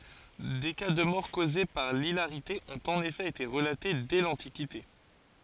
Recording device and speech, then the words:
forehead accelerometer, read sentence
Des cas de mort causée par l'hilarité ont en effet été relatés dès l'antiquité.

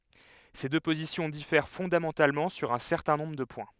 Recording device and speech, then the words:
headset microphone, read sentence
Ces deux positions diffèrent fondamentalement sur un certain nombre de points.

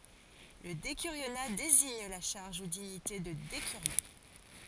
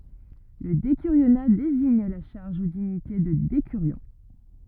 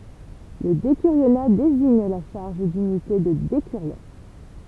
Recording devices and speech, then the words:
forehead accelerometer, rigid in-ear microphone, temple vibration pickup, read sentence
Le décurionat désigne la charge ou dignité de décurion.

